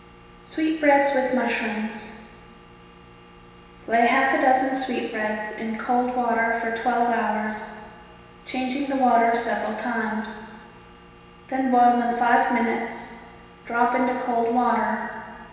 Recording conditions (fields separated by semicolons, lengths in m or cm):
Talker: one person; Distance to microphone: 1.7 m; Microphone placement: close; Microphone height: 1.0 m; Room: very reverberant, large; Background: none